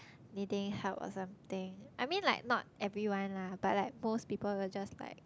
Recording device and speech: close-talking microphone, conversation in the same room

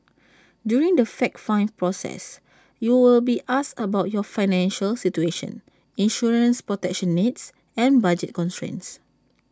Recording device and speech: standing microphone (AKG C214), read sentence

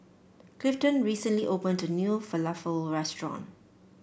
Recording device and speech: boundary microphone (BM630), read sentence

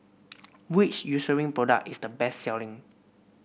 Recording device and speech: boundary microphone (BM630), read sentence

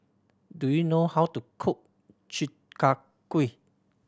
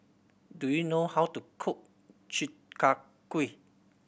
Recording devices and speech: standing microphone (AKG C214), boundary microphone (BM630), read sentence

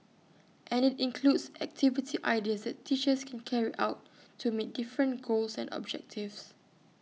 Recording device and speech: mobile phone (iPhone 6), read sentence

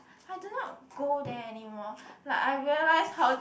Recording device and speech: boundary microphone, conversation in the same room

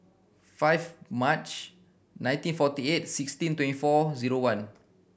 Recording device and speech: boundary microphone (BM630), read sentence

